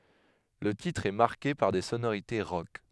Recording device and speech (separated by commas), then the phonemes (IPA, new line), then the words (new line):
headset microphone, read sentence
lə titʁ ɛ maʁke paʁ de sonoʁite ʁɔk
Le titre est marqué par des sonorités rock.